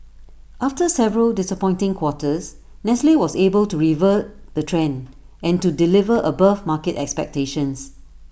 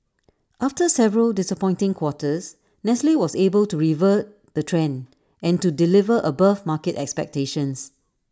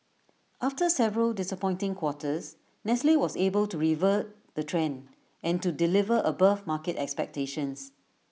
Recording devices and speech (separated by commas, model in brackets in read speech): boundary microphone (BM630), standing microphone (AKG C214), mobile phone (iPhone 6), read sentence